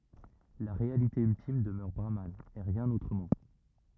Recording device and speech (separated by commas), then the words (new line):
rigid in-ear microphone, read sentence
La réalité ultime demeure Brahman, et rien autrement.